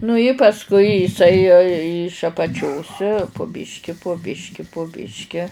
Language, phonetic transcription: Lithuanian, nu i pasˈkui jiˈsai iš apaˈčios pu ˈbiški po ˈbiški po ˈbiški

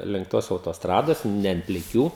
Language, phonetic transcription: Lithuanian, link ˈtos autosˈtrados ne ant pliˈkių

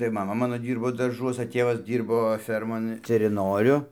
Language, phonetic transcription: Lithuanian, tai maˈma ˈmano ˈdyrbo darˈžuosa ˈtėvas ˈdyrbo ˈfermon teriˈnoriu

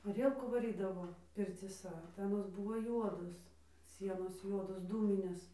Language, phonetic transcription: Lithuanian, ˈarielkų vaˈrydavo pircyˈsa tai aˈnos ˈbūvo ˈjuodos ˈsienos ˈjuodos ˈdūminės

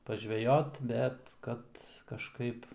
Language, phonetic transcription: Lithuanian, paˈžvejot ˈbet ˈkad kažˈkaip

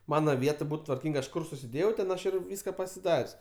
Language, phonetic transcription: Lithuanian, ˈmana ˈviet ˈbut tvarˈkyng ˈaš ˈkur susiˈdėjau ten ˈaš ir ˈvyska pasiˈdar's'

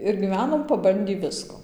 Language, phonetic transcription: Lithuanian, ir gyˈvenom paˈbandį ˈvisko

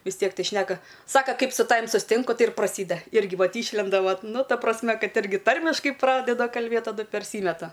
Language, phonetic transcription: Lithuanian, vis ˈtiek ˈtai ˈšneka ˈsaka ˈkaip su ˈtavim susˈtinku ˈtai ir praˈsyda ˈirgi ˈvat ˈyšlenda ˈvat ˈnu ˈta prasˈme ˈkad ˈirgi ˈtarmiškai ˈpradeda kalˈbėt taˈdu perˈsymeta

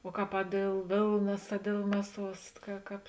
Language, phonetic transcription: Lithuanian, o ˈkāp a ˈdėl ˈvėlnas a ˈdėl ˈmeˌsuos ka ˈkāp

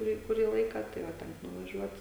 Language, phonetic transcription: Lithuanian, kuˈrį kuˈrį ˈlaika tai va ˈtenk nuvaˈžiuot

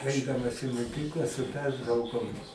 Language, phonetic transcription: Lithuanian, ˈaidamas i moˈkykla su ˈpertraukom

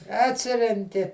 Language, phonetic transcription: Lithuanian, atˈsirenki

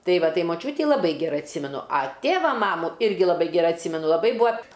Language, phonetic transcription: Lithuanian, ˈtai ˈva ˈtai moˈčiūtį laˈbai geˈrai atˈsymenu a ˈtėva ˈmamų ˈirgi laˈbai geˈrai atˈsymenu laˈbai ˈbūa

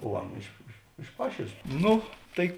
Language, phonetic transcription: Lithuanian, o ˈana iš iš iš ˈpašėlės ˈnu ˈtai

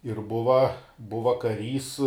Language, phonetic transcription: Lithuanian, ir ˈbuva ˈbuva kaˈrys

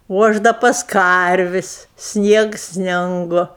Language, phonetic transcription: Lithuanian, o ˈaš ˈda pas ˈkarvis' ˈsniegs ˈsningu

